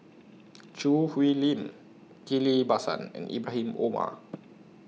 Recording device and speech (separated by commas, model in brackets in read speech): mobile phone (iPhone 6), read sentence